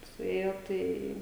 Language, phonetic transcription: Lithuanian, suˈėjo ˈtai

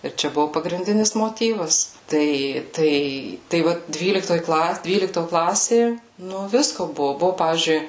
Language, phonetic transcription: Lithuanian, ir ˈčia ˈbuvo pagrinˈdinis moˈtyvas ˈtai ˈtai tai ˈva ˈdvyliktoj ˈkla ˈdvylikto ˈklasė ˈnu ˈvisko ˈbuvu ˈbuvu ˈpavyzdžiui

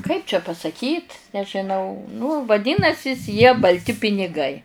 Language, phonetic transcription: Lithuanian, kaip čia pasaˈkyt nežiˈnau nu vaˈdinasis jie balˈti piniˈgai

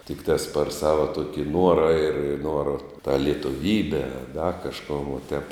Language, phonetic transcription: Lithuanian, tikˈtās par ˈsava ˈtuoki ˈnuora ir ˈnuora tą lietuˈvybe a da kažˈkon va tep

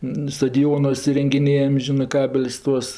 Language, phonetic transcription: Lithuanian, nu stadiˈjonuos irengiˈnėjam ˈžinɜ ˈkabel's' ˈtuos

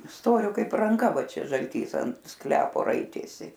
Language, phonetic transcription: Lithuanian, ˈstorio ˈkaip ranˈka ˈva ˈčia žalˈtys ant ˈsklepo ˈraitėsi

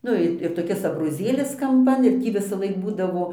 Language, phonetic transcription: Lithuanian, ˈnu i ir toˈkis abroˈzėlis kamˈpan ir ˈtį visaˈlaik ˈbūdavo

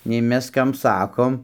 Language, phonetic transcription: Lithuanian, nei ˈmes ˈkam ˈsakom

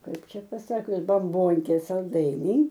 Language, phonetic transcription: Lithuanian, ˈkaip ˈčia paˈsakius bamˈbonkė salˈdainiai

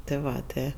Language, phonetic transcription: Lithuanian, tɜ ˈva ˈtɜ

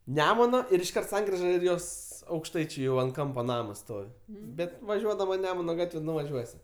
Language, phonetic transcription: Lithuanian, ˈnemuno ir išˈkart ˈsankriža ˈir ˈjos aukšˈtaičiu ˈjau ant ˈkampa ˈnamas ˈstovi ˈbet vaˈžiuodama ˈnemuna ˈgatve nuvaˈžiuosi

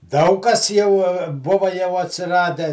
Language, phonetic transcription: Lithuanian, ˈdaug kas ˈjau ˈbuva jau atsiˈrade

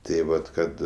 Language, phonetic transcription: Lithuanian, tė ˈvat ˈkad

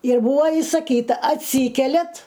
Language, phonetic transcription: Lithuanian, ir ˈbūa isaˈkyta atˈsykeliat

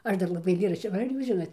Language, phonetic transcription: Lithuanian, ˈaš ˈdar laˈbai aiˈlėraščio va ˈar ˈjūs ˈžinot

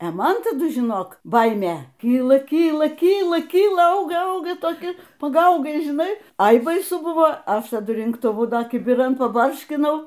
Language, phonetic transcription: Lithuanian, e ˈman taˈdu žiˈnok ˈbaimė ˈkyla ˈkyla ˈkyla ˈkyla ˈauga ˈauga toˈki paˈgaugai žiˈnai ˈai baiˈsu ˈbuvo ˈaš taˈdu rinktuˈvu ˈdar kibiˈran paˈbarškinau

